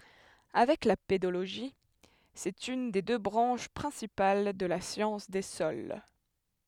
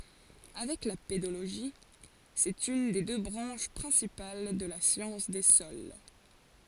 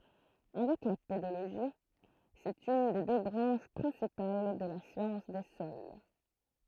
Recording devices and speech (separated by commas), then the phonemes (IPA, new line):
headset microphone, forehead accelerometer, throat microphone, read sentence
avɛk la pedoloʒi sɛt yn de dø bʁɑ̃ʃ pʁɛ̃sipal də la sjɑ̃s de sɔl